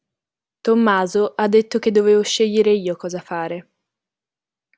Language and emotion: Italian, neutral